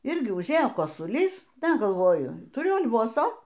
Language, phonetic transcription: Lithuanian, ˈirgi užˈėjo kosuˈlys ˈda galˈvoju tuˈriu al'ˈvoso

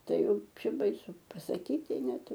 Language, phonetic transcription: Lithuanian, ˈtai ˈjau ˈčia baiˈsu pasaˈkyti ˈnet

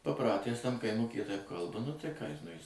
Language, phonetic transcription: Lithuanian, paˈpratęs tam kaiˈmukyje taip ˈkalba nu tai ką jis nu jis

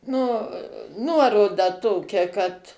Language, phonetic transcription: Lithuanian, nu ˈnuoroda ˈtokia kad

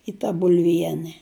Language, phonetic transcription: Lithuanian, i ta bulˈviene

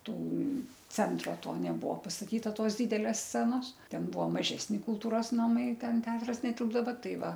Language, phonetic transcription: Lithuanian, ˈtų ˈcentro ˈto neˈbuo pastaˈtyta ˈtos ˈdydelės ˈscenos ˈten ˈbuo maˈžesni kulˈtūros naˈmai ˈten ˈteatras neˈtilpdava ˈtai ˈva

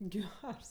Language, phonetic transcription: Lithuanian, ˈgers

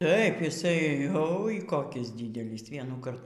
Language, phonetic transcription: Lithuanian, ˈtaip jiˈsai oi koˈkys ˈdydelys vienųˈkart

